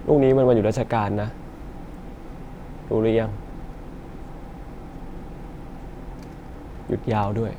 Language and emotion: Thai, sad